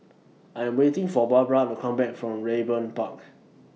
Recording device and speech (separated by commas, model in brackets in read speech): mobile phone (iPhone 6), read sentence